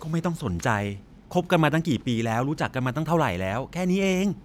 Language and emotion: Thai, frustrated